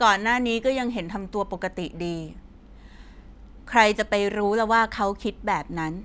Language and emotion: Thai, frustrated